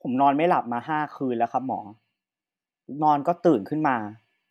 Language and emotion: Thai, frustrated